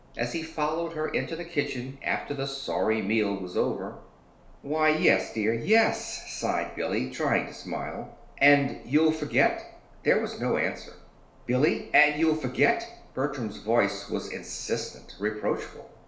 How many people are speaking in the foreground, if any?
One person.